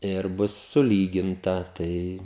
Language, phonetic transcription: Lithuanian, ir ˈbus suˈlyginta ˈtai

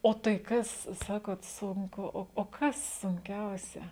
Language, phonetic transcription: Lithuanian, ˈo tai ˈkas ˈsakot ˈsunku ˈo o ˈkas sunˈkiausia

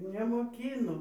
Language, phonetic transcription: Lithuanian, nemoˈkyno

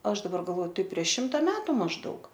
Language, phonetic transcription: Lithuanian, ˈaš daˈbar galˈoˈtai prieš ˈšimta ˈmetu mažˈdaug

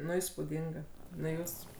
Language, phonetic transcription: Lithuanian, ˈnu įspūˈdinga ˈnu ˈjūs

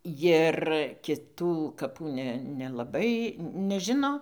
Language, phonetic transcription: Lithuanian, ˈjir kiˈtų kaˈpų ˈne nelaˈbai neˈžino

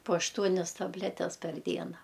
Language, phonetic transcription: Lithuanian, po ašˈtuonias tabˈletes per ˈdiena

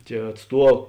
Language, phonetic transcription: Lithuanian, tie atˈstuo

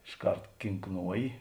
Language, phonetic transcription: Lithuanian, išˈkart kinˈknuoji

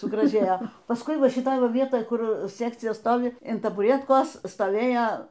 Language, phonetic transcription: Lithuanian, sugraˈžėjo pasˈkui ˈva šiˈtoj ˈva ˈvietoj ˈkur ˈsekcija ˈstovi in tabuˈrietkos stoˈvėjo

